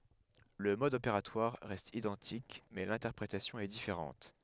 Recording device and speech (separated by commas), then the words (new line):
headset microphone, read sentence
Le mode opératoire reste identique mais l'interprétation est différente.